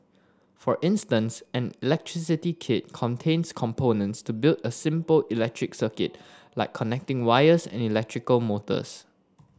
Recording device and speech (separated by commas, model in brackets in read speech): standing microphone (AKG C214), read sentence